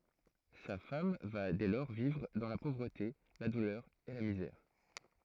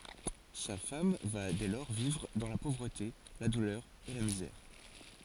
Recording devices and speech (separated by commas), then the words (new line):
throat microphone, forehead accelerometer, read sentence
Sa femme va dès lors vivre dans la pauvreté, la douleur et la misère.